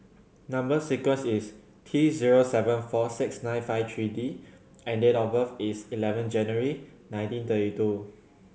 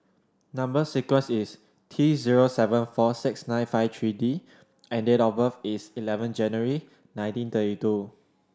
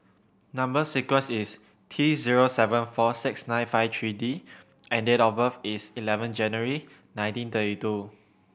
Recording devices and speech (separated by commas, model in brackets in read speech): mobile phone (Samsung C7100), standing microphone (AKG C214), boundary microphone (BM630), read sentence